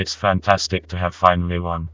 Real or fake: fake